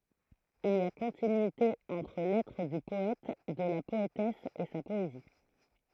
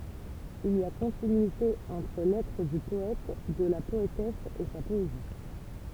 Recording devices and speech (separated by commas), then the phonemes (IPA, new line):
throat microphone, temple vibration pickup, read sentence
il i a kɔ̃tinyite ɑ̃tʁ lɛtʁ dy pɔɛt də la pɔetɛs e sa pɔezi